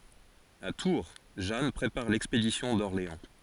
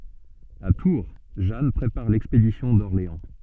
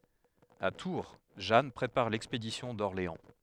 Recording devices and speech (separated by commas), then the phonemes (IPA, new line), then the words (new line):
forehead accelerometer, soft in-ear microphone, headset microphone, read sentence
a tuʁ ʒan pʁepaʁ lɛkspedisjɔ̃ dɔʁleɑ̃
À Tours, Jeanne prépare l'expédition d'Orléans.